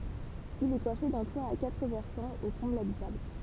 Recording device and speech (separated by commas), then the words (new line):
temple vibration pickup, read sentence
Il est coiffé d'un toit à quatre versants aux combles habitables.